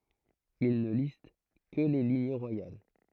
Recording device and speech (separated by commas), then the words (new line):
throat microphone, read sentence
Il ne liste que les lignées royales.